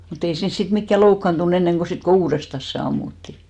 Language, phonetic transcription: Finnish, mu't ‿ei 'siins sit mikkä 'loukkantu'n ‿enneŋɢo 'sit ko "uurestas se 'ammutti .
- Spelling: mutta ei siinä sitten mikään loukkaantunut ennen kuin sitten kun uudestaan se ammuttiin

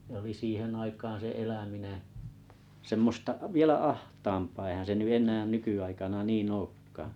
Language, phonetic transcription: Finnish, (se) oli 'siihen 'aikaan̬ se 'eläminen , semmosta’ 'vielä "aht̀aampaa eihän̬ se ny 'eǹään 'nyky₍aikana 'niin"n ‿ookkaa .
- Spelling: se oli siihen aikaan se eläminen semmoista vielä ahtaampaa eihän se nyt enää nykyaikana niin olekaan

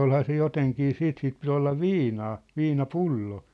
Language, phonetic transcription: Finnish, olhaa se 'joteŋkii 'siit sip pit ‿olla "viinaa , "viina"pullo .
- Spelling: olihan se jotenkin sitten - piti olla viinaa viinapullo

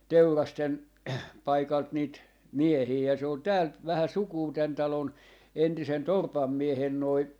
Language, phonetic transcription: Finnish, "Teurasten , 'paikalt niit , 'miehii ja se on 'täält , vähä 'sukuu tän 'talon , 'entisen "torpam 'miehen noi , .
- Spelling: Teurasten paikalta niitä miehiä ja se on täältä vähä sukua tämän talon entisen torpan miehen noin

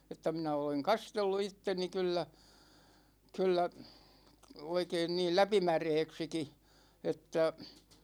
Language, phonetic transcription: Finnish, että 'minä oleŋ "kastellu 'itteni 'kyllä , 'kʿyllä , 'oikeen niil 'läpi"märeeksiki , että ,.
- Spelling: että minä olen kastellut itseni kyllä kyllä oikein niin läpimäräksikin että

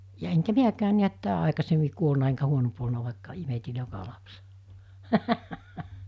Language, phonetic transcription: Finnish, ja eŋkä 'miäkään̆ niät 'tää aikasemmi 'kuolna eŋkä 'huonomp olna vàikka imeti 'joka 'lapsᴇ .
- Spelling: ja enkä minäkään näet tämä aikaisemmin kuollut enkä huonompi ollut vaikka imetin joka lapsen

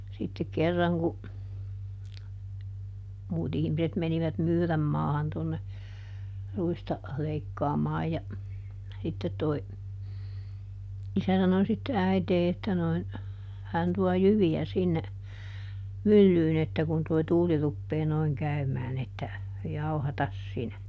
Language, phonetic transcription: Finnish, sittek ˈkerraŋ ku , ˈmuut ‿ihmiset ˈmenivät "Myyrämmaahan tonne , ˈruista , ˈleikkaamaaj ja , ˈsittet toi , ˈisä sano sitte » ˈäitee » että noin , » ˈhän tuɔ "jyvi₍ä sinne , "myllyyn ‿että kun toi ˈtuuli ruppee noiŋ ˈkäymään » että , » ˈjauhatas "sinä » .
- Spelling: sitten kerran kun muut ihmiset menivät Myyränmaahan tuonne ruista leikkaamaan ja sitten tuo isä sanoi sitten äiti että noin hän tuo jyviä sinne myllyyn että kun tuo tuuli rupeaa noin käymään että jauhata sinä

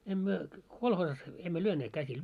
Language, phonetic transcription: Finnish, 'em myö , 'kolhoosas , emmö 'lyöneet 'käsil .
- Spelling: en me kolhoosissa emme lyöneet käsillä

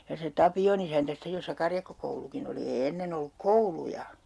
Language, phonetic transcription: Finnish, ja se "Tapi₍on ‿isäntä 'sittej jossa 'karjakkokoulukin ‿oli ee 'ennen ‿olluk "kouluja !
- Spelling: ja se Tapion isäntä sitten jossa karjakkokoulukin oli ei ennen ollut kouluja

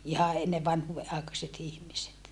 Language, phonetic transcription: Finnish, iha enne vanhuuve ʼàekaset ‿ihmiset .
- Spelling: ihan ennen vanhuuden aikaiset ihmiset

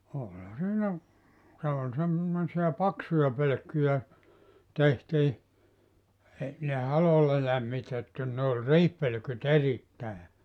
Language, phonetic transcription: Finnish, no , 'òĺha siinä , se ol sem- , -mosi₍a "paksuja 'pölökkyjä , 'tehtii , ei ne "halolla 'lämmitettiin ne oĺ "riihpölᵒ̈ky't ‿erittä̀e .
- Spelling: no olihan siinä se oli - semmoisia paksuja pölkkyjä tehtiin ei ne halolla lämmitettiin ne oli riihipölkyt erittäin

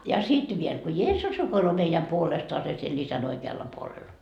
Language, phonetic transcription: Finnish, ja "sit viel , ko "Jeessus rukoiloo meijäm 'puolestoase siel 'isän oike₍alla puolella .
- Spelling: ja sitten vielä kun Jeesus rukoilee meidän puolestaan siellä isän oikealla puolella

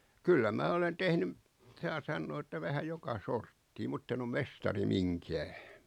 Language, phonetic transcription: Finnish, 'kyllä 'mää olen 'tehnym , 'saa sannoo että 'vähä "joka 'sorttii 'mutt ‿en ‿om "mestari "miŋkää .
- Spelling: kyllä minä olen tehnyt saa sanoa että vähän joka sorttia mutta en ole mestari minkään

